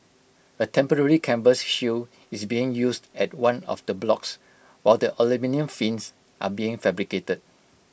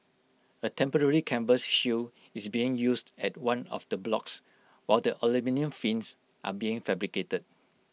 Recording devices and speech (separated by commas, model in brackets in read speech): boundary microphone (BM630), mobile phone (iPhone 6), read sentence